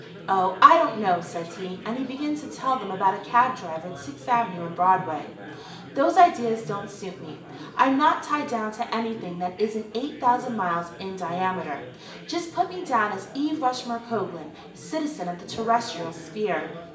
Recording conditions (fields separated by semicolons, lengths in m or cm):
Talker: one person; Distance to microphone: 1.8 m; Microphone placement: close; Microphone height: 1.0 m; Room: large; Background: babble